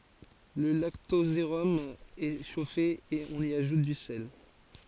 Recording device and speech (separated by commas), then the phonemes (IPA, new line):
forehead accelerometer, read sentence
lə laktozeʁɔm ɛ ʃofe e ɔ̃n i aʒut dy sɛl